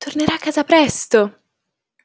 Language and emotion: Italian, happy